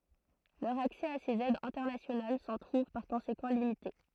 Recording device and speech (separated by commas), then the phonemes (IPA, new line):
throat microphone, read sentence
lœʁ aksɛ a sez ɛdz ɛ̃tɛʁnasjonal sɑ̃ tʁuv paʁ kɔ̃sekɑ̃ limite